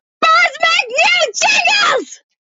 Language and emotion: English, neutral